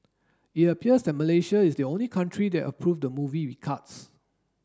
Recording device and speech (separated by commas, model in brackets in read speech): standing microphone (AKG C214), read sentence